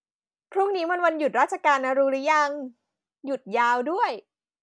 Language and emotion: Thai, happy